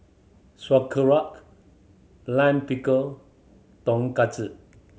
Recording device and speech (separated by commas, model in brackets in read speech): mobile phone (Samsung C7100), read sentence